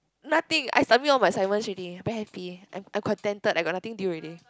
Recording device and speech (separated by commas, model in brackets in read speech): close-talking microphone, conversation in the same room